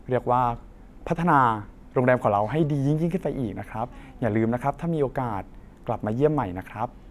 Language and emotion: Thai, neutral